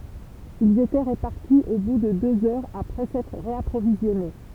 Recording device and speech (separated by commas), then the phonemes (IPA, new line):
temple vibration pickup, read sentence
ilz etɛ ʁəpaʁti o bu də døz œʁz apʁɛ sɛtʁ ʁeapʁovizjɔne